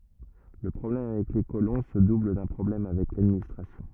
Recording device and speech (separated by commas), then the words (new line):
rigid in-ear microphone, read sentence
Le problème avec les colons se double d'un problème avec l'administration.